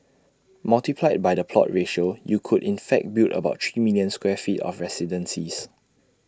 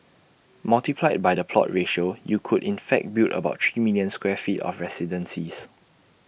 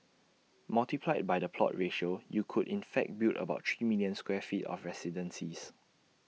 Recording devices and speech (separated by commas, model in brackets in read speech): standing microphone (AKG C214), boundary microphone (BM630), mobile phone (iPhone 6), read sentence